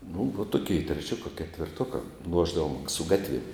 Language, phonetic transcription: Lithuanian, nu va tuˈkei treˈčioka ketvirˈtuoka ˈluošdavom su ˈgatviem

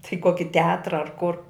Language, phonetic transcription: Lithuanian, tai ˈkoki teˈatra ar kur

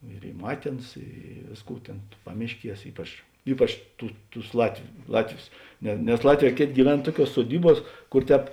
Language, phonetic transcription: Lithuanian, ir ˈy ˈmatė ˈaˌnas ˈy ˈvėsˌkų ˈtėn ˈpamišˌkies ˈypač ˈypač ˈtų ˈtus ˈlatviu ˈlatˌvius ne nes ˈlatˌvē ˈkėˌtė gyˈven ˈtuoˌkiuos suoˈdyˌbuos ˈkur ˈtēp

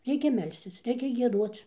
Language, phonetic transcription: Lithuanian, ˈreikia ˈmelstis ˈreikia gieˈduoc

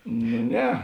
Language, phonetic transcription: Lithuanian, nu ˈne

